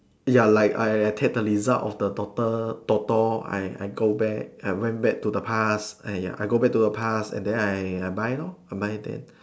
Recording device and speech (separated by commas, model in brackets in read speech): standing microphone, conversation in separate rooms